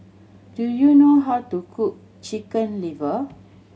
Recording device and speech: mobile phone (Samsung C7100), read sentence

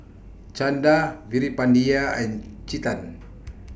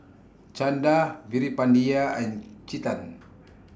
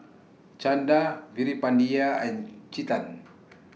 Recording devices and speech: boundary microphone (BM630), standing microphone (AKG C214), mobile phone (iPhone 6), read sentence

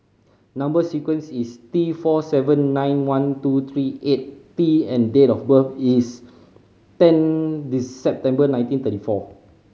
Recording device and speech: mobile phone (Samsung C5010), read sentence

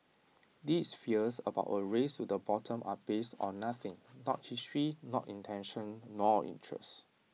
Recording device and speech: mobile phone (iPhone 6), read sentence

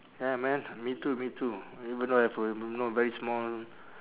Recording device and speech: telephone, conversation in separate rooms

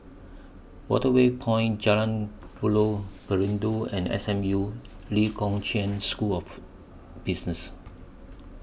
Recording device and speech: boundary microphone (BM630), read sentence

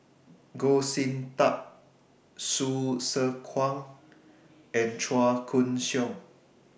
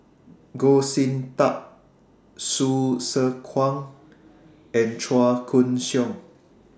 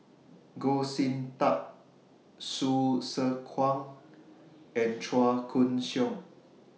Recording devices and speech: boundary microphone (BM630), standing microphone (AKG C214), mobile phone (iPhone 6), read sentence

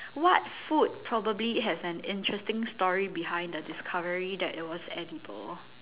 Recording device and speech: telephone, conversation in separate rooms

